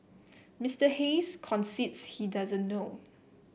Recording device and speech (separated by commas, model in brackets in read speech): boundary microphone (BM630), read sentence